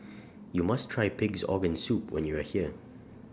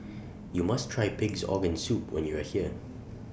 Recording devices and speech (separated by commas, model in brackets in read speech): standing microphone (AKG C214), boundary microphone (BM630), read sentence